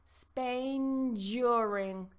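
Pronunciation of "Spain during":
'Spain' and 'during' are joined together, so the point where the two words meet sounds like 'nj'.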